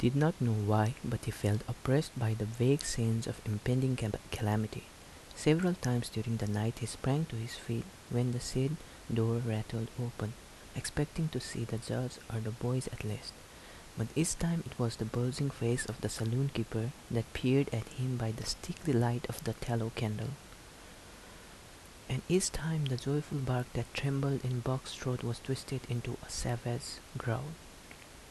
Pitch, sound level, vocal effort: 120 Hz, 72 dB SPL, soft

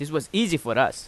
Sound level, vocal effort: 90 dB SPL, loud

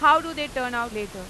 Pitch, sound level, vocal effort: 250 Hz, 101 dB SPL, very loud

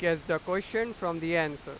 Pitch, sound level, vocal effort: 170 Hz, 98 dB SPL, very loud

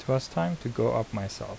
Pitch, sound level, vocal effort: 105 Hz, 77 dB SPL, soft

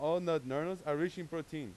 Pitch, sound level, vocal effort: 160 Hz, 96 dB SPL, very loud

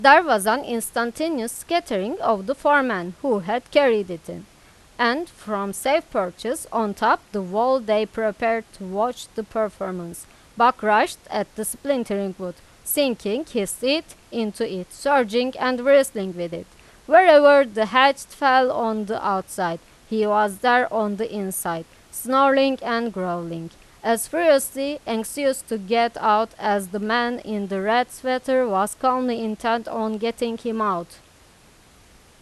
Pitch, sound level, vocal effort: 225 Hz, 92 dB SPL, loud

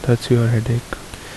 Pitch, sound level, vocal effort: 120 Hz, 69 dB SPL, soft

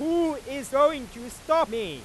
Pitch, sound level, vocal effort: 285 Hz, 106 dB SPL, very loud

